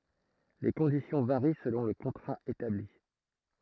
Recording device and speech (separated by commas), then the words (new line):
throat microphone, read sentence
Les conditions varient selon le contrat établi.